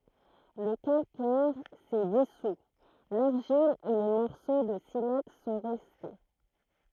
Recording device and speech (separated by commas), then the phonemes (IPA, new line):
throat microphone, read sentence
lə kalkɛʁ sɛ disu laʁʒil e le mɔʁso də silɛks sɔ̃ ʁɛste